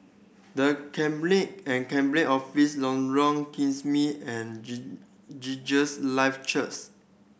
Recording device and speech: boundary microphone (BM630), read sentence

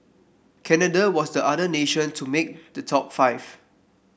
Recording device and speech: boundary microphone (BM630), read sentence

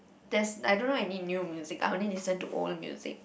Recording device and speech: boundary microphone, conversation in the same room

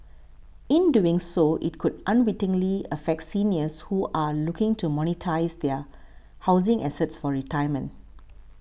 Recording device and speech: boundary microphone (BM630), read sentence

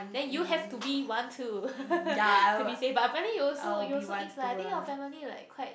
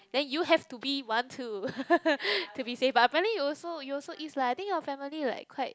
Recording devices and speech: boundary microphone, close-talking microphone, conversation in the same room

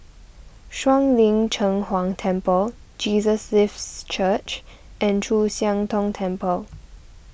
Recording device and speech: boundary microphone (BM630), read sentence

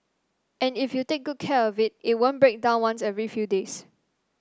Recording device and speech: standing microphone (AKG C214), read sentence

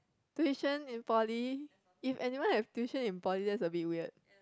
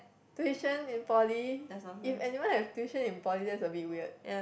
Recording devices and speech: close-talking microphone, boundary microphone, conversation in the same room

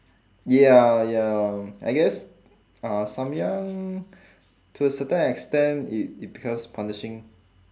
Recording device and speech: standing microphone, conversation in separate rooms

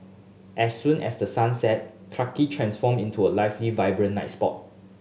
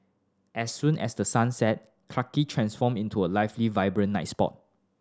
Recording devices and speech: mobile phone (Samsung S8), standing microphone (AKG C214), read sentence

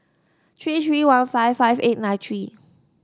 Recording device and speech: standing microphone (AKG C214), read sentence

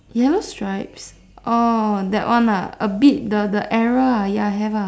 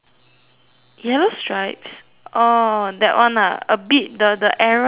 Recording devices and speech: standing microphone, telephone, conversation in separate rooms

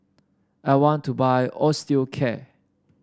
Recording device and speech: standing microphone (AKG C214), read sentence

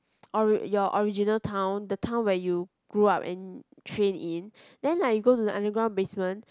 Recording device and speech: close-talking microphone, conversation in the same room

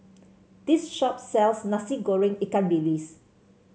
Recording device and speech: mobile phone (Samsung C7), read sentence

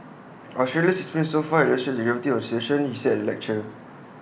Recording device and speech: boundary microphone (BM630), read sentence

